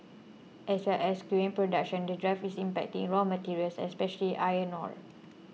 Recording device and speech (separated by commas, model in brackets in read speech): mobile phone (iPhone 6), read sentence